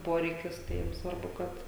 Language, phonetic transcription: Lithuanian, ˈporeikis tai jiem ˈsvarbu ˈkad

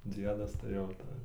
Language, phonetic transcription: Lithuanian, ˈdziedas tai jau ˈtai

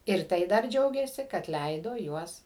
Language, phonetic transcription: Lithuanian, ir ˈtai dar ˈdžiaugėsi kad ˈleido ˈjuos

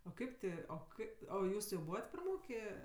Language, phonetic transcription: Lithuanian, o ˈkaip ti o ˈkaip o ˈjūs jau ˈbūvat praˈmokė

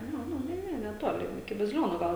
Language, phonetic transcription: Lithuanian, ˈnu ˈnu ˈne ˈne neˈtoli iki baziˈlionų ˈgal

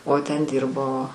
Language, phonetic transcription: Lithuanian, o ˈten ˈdyrbo

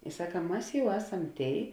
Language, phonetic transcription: Lithuanian, i ˈsaka ˈmas ˈjau ˈeˌsam ˈtėi

